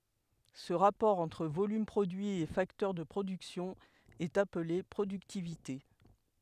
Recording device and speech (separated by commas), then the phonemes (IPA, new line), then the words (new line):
headset microphone, read sentence
sə ʁapɔʁ ɑ̃tʁ volym pʁodyi e faktœʁ də pʁodyksjɔ̃ ɛt aple pʁodyktivite
Ce rapport entre volume produit et facteur de production est appelé productivité.